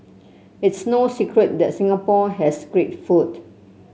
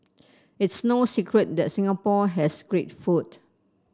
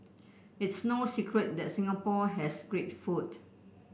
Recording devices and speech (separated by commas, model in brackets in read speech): mobile phone (Samsung C7), standing microphone (AKG C214), boundary microphone (BM630), read sentence